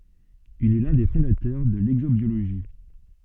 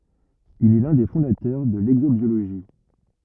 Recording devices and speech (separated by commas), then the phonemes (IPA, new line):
soft in-ear microphone, rigid in-ear microphone, read sentence
il ɛ lœ̃ de fɔ̃datœʁ də lɛɡzobjoloʒi